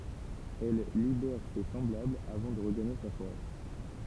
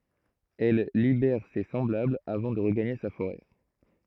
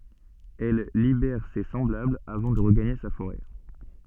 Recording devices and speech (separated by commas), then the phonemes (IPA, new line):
temple vibration pickup, throat microphone, soft in-ear microphone, read sentence
ɛl libɛʁ se sɑ̃blablz avɑ̃ də ʁəɡaɲe sa foʁɛ